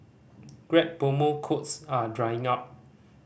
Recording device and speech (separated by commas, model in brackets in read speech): boundary microphone (BM630), read sentence